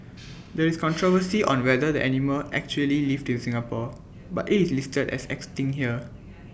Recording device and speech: boundary microphone (BM630), read sentence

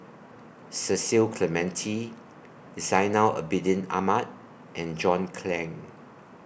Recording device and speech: boundary microphone (BM630), read sentence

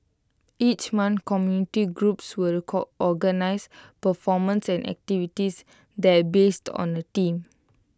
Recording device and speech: close-talking microphone (WH20), read sentence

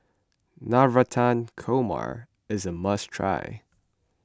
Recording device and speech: close-talking microphone (WH20), read sentence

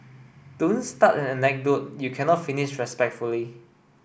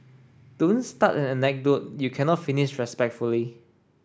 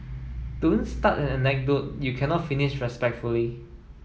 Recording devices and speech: boundary microphone (BM630), standing microphone (AKG C214), mobile phone (iPhone 7), read sentence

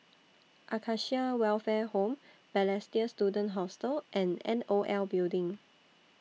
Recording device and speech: mobile phone (iPhone 6), read sentence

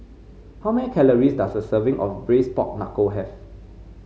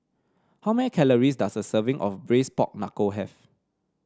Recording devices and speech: mobile phone (Samsung C5), standing microphone (AKG C214), read sentence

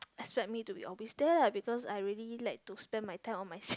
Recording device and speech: close-talking microphone, conversation in the same room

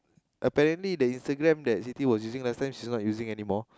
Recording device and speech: close-talking microphone, conversation in the same room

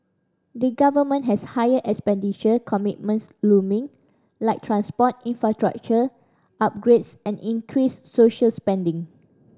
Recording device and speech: standing microphone (AKG C214), read sentence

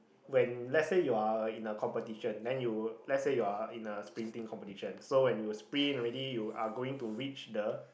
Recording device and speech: boundary microphone, conversation in the same room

